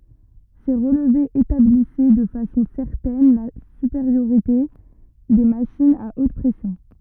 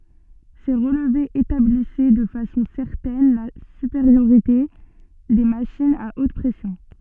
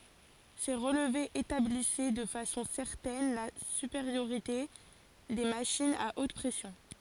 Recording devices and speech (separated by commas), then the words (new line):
rigid in-ear microphone, soft in-ear microphone, forehead accelerometer, read sentence
Ces relevés établissaient de façon certaine la supériorité des machines à haute pression.